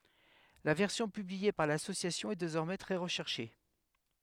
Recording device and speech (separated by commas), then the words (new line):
headset microphone, read sentence
La version publiée par L'Association est désormais très recherchée.